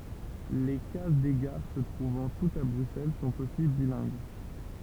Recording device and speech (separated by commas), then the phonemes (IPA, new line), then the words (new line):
temple vibration pickup, read sentence
le kaz de ɡaʁ sə tʁuvɑ̃ tutz a bʁyksɛl sɔ̃t osi bilɛ̃ɡ
Les cases des gares, se trouvant toutes à Bruxelles, sont aussi bilingues.